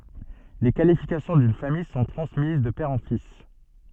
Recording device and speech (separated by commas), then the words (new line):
soft in-ear microphone, read sentence
Les qualifications d'une famille sont transmises de père en fils.